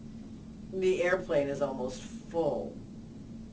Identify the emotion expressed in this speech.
disgusted